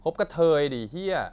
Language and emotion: Thai, angry